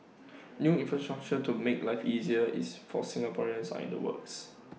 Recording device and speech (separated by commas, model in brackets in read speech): mobile phone (iPhone 6), read sentence